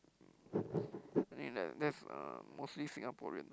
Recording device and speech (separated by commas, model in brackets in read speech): close-talking microphone, conversation in the same room